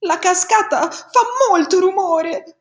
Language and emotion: Italian, fearful